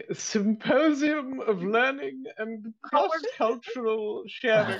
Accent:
posh accent